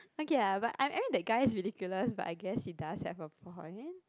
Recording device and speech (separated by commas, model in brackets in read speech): close-talking microphone, conversation in the same room